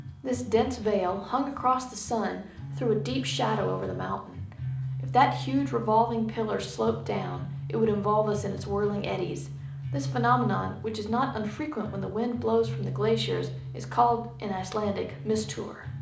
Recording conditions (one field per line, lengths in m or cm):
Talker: one person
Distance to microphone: 2.0 m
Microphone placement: close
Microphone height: 99 cm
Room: medium-sized (5.7 m by 4.0 m)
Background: music